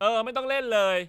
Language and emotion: Thai, angry